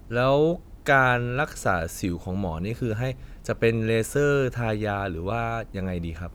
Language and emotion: Thai, neutral